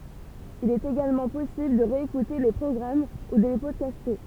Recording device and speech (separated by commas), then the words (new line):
temple vibration pickup, read sentence
Il est également possible de réécouter les programmes ou de les podcaster.